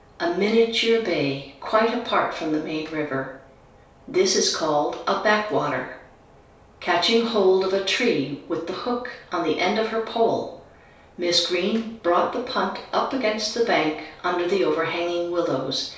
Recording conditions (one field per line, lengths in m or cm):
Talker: one person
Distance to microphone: 3.0 m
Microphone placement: far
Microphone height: 1.8 m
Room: small (3.7 m by 2.7 m)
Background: none